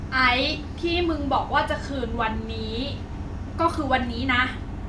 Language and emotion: Thai, angry